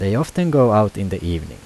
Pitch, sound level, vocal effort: 105 Hz, 84 dB SPL, normal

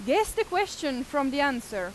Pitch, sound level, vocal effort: 285 Hz, 92 dB SPL, very loud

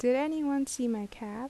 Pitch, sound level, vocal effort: 255 Hz, 80 dB SPL, soft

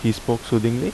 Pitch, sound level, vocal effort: 115 Hz, 79 dB SPL, normal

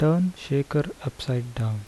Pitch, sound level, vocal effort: 140 Hz, 75 dB SPL, soft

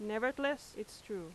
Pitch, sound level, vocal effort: 215 Hz, 88 dB SPL, very loud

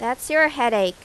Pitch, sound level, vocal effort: 240 Hz, 92 dB SPL, loud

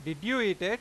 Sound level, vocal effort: 96 dB SPL, loud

